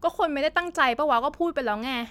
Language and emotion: Thai, frustrated